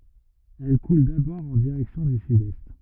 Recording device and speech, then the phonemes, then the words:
rigid in-ear microphone, read sentence
ɛl kul dabɔʁ ɑ̃ diʁɛksjɔ̃ dy sydɛst
Elle coule d'abord en direction du sud-est.

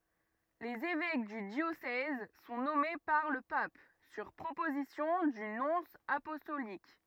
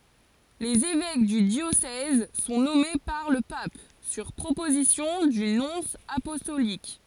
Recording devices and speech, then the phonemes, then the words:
rigid in-ear microphone, forehead accelerometer, read sentence
lez evɛk dy djosɛz sɔ̃ nɔme paʁ lə pap syʁ pʁopozisjɔ̃ dy nɔ̃s apɔstolik
Les évêques du diocèse sont nommés par le pape, sur proposition du nonce apostolique.

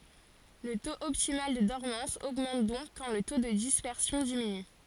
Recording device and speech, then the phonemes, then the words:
forehead accelerometer, read sentence
lə toz ɔptimal də dɔʁmɑ̃s oɡmɑ̃t dɔ̃k kɑ̃ lə to də dispɛʁsjɔ̃ diminy
Le taux optimal de dormance augmente donc quand le taux de dispersion diminue.

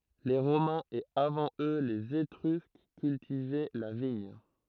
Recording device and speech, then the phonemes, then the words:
throat microphone, read sentence
le ʁomɛ̃z e avɑ̃ ø lez etʁysk kyltivɛ la viɲ
Les Romains et avant eux les Étrusques cultivaient la vigne.

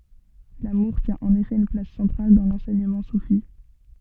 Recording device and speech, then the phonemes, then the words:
soft in-ear microphone, read sentence
lamuʁ tjɛ̃ ɑ̃n efɛ yn plas sɑ̃tʁal dɑ̃ lɑ̃sɛɲəmɑ̃ sufi
L’amour tient en effet une place centrale dans l’enseignement soufi.

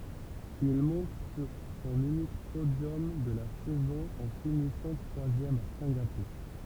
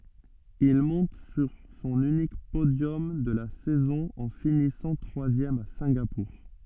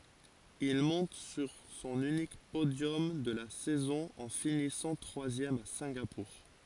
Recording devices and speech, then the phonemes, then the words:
temple vibration pickup, soft in-ear microphone, forehead accelerometer, read sentence
il mɔ̃t syʁ sɔ̃n ynik podjɔm də la sɛzɔ̃ ɑ̃ finisɑ̃ tʁwazjɛm a sɛ̃ɡapuʁ
Il monte sur son unique podium de la saison en finissant troisième à Singapour.

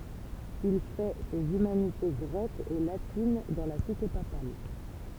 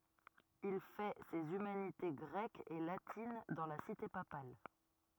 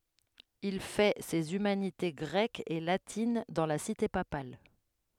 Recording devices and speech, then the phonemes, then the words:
temple vibration pickup, rigid in-ear microphone, headset microphone, read sentence
il fɛ sez ymanite ɡʁɛkz e latin dɑ̃ la site papal
Il fait ses humanités grecques et latines dans la cité papale.

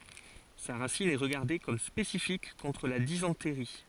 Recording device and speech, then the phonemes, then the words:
forehead accelerometer, read sentence
sa ʁasin ɛ ʁəɡaʁde kɔm spesifik kɔ̃tʁ la dizɑ̃tʁi
Sa racine est regardée comme spécifique contre la dysenterie.

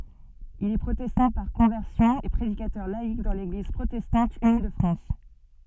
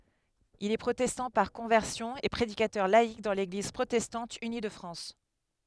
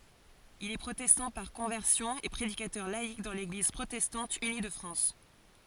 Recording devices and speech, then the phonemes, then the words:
soft in-ear microphone, headset microphone, forehead accelerometer, read sentence
il ɛ pʁotɛstɑ̃ paʁ kɔ̃vɛʁsjɔ̃ e pʁedikatœʁ laik dɑ̃ leɡliz pʁotɛstɑ̃t yni də fʁɑ̃s
Il est protestant par conversion et prédicateur laïc dans l'Église protestante unie de France.

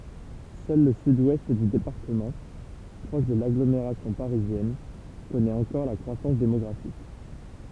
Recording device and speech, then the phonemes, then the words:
temple vibration pickup, read sentence
sœl lə syd wɛst dy depaʁtəmɑ̃ pʁɔʃ də laɡlomeʁasjɔ̃ paʁizjɛn kɔnɛt ɑ̃kɔʁ la kʁwasɑ̃s demɔɡʁafik
Seul le Sud-Ouest du département, proche de l'agglomération parisienne, connaît encore la croissance démographique.

